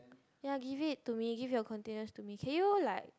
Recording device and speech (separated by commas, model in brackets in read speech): close-talking microphone, conversation in the same room